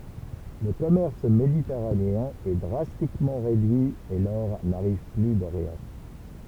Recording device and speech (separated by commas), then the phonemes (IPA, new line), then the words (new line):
temple vibration pickup, read sentence
lə kɔmɛʁs meditɛʁaneɛ̃ ɛ dʁastikmɑ̃ ʁedyi e lɔʁ naʁiv ply doʁjɑ̃
Le commerce méditerranéen est drastiquement réduit et l'or n'arrive plus d'Orient.